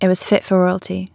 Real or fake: real